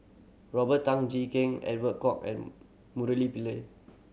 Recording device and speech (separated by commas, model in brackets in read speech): mobile phone (Samsung C7100), read sentence